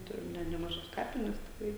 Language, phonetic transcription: Lithuanian, ˈturim ne nemaˈžas ˈkapines tikˈrai

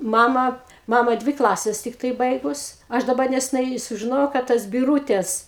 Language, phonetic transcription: Lithuanian, ˈmama ˈmama ˈdvi ˈklases ˈtiktai ˈbaigus ˈaš daˈba neseˈnai sužiˈnojau ka ˈtas biˈrūtes

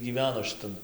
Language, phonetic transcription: Lithuanian, gyˈveno šiˈtan

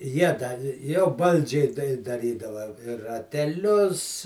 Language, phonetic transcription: Lithuanian, ˈjie da jau ˈbaldžiai dai daˈrydava i rateˈlius

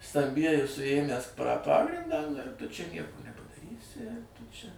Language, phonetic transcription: Lithuanian, stamˈbieji suˈėmęs pra ˈpagrindą nu ir tu čia ˈnieko nepadaˈrysi tu čia

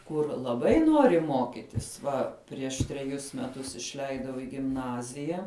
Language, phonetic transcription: Lithuanian, ˈkur laˈbai ˈnori ˈmokitis ˈva prieš treˈjus meˈtus išˈleidau i gimˈnazija

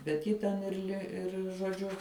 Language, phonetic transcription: Lithuanian, bet ˈji ten ir ˈli ir žoˈdžiu

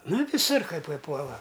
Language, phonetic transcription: Lithuanian, ˈna viˈsur kai paiˈpuola

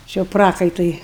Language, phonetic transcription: Lithuanian, či jau ˈprakaitui

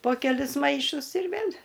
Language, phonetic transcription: Lithuanian, po keˈlis ˈmaišus ir ˈvėl'

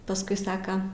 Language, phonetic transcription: Lithuanian, paˈskui ˈsaka

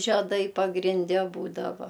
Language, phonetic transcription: Lithuanian, žeˈdai pagrinˈde ˈbūdava

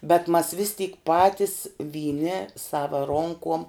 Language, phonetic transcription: Lithuanian, bet mas vis tyk ˈpatis vyˈni ˈsava ˈronkom

